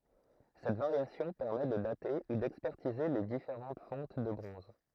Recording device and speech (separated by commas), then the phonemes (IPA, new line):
throat microphone, read sentence
sɛt vaʁjasjɔ̃ pɛʁmɛ də date u dɛkspɛʁtize le difeʁɑ̃t fɔ̃t də bʁɔ̃z